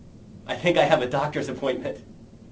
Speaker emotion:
fearful